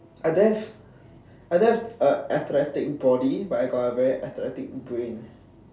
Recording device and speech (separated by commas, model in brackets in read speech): standing microphone, conversation in separate rooms